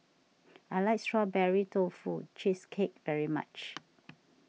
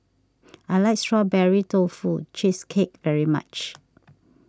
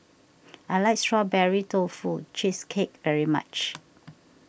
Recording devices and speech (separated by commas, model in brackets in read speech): mobile phone (iPhone 6), standing microphone (AKG C214), boundary microphone (BM630), read sentence